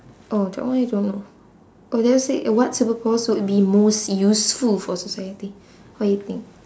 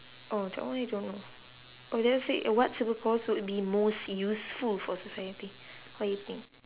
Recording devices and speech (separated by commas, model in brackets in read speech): standing microphone, telephone, conversation in separate rooms